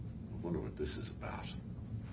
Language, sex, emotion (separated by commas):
English, male, neutral